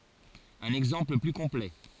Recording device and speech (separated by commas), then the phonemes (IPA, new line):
forehead accelerometer, read sentence
œ̃n ɛɡzɑ̃pl ply kɔ̃plɛ